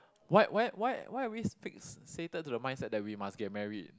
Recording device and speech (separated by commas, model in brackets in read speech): close-talking microphone, conversation in the same room